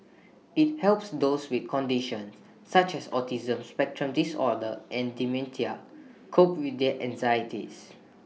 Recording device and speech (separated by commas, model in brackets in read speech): mobile phone (iPhone 6), read sentence